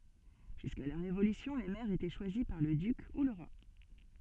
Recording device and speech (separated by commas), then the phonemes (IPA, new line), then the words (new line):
soft in-ear microphone, read sentence
ʒyska la ʁevolysjɔ̃ le mɛʁz etɛ ʃwazi paʁ lə dyk u lə ʁwa
Jusqu'à la Révolution, les maires étaient choisis par le duc ou le roi.